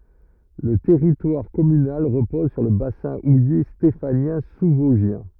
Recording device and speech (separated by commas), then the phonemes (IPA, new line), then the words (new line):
rigid in-ear microphone, read sentence
lə tɛʁitwaʁ kɔmynal ʁəpɔz syʁ lə basɛ̃ uje stefanjɛ̃ suzvɔzʒjɛ̃
Le territoire communal repose sur le bassin houiller stéphanien sous-vosgien.